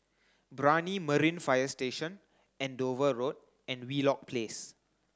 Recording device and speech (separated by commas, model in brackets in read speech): close-talking microphone (WH30), read sentence